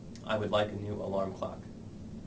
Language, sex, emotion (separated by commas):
English, male, neutral